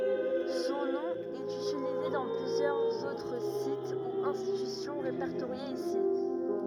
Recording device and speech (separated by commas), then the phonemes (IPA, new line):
rigid in-ear microphone, read sentence
sɔ̃ nɔ̃ ɛt ytilize dɑ̃ plyzjœʁz otʁ sit u ɛ̃stitysjɔ̃ ʁepɛʁtoʁjez isi